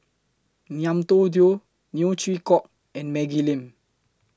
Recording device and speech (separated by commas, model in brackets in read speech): close-talking microphone (WH20), read sentence